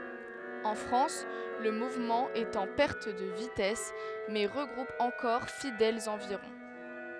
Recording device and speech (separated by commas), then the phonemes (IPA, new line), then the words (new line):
headset microphone, read sentence
ɑ̃ fʁɑ̃s lə muvmɑ̃ ɛt ɑ̃ pɛʁt də vitɛs mɛ ʁəɡʁup ɑ̃kɔʁ fidɛlz ɑ̃viʁɔ̃
En France, le mouvement est en perte de vitesse mais regroupe encore fidèles environ.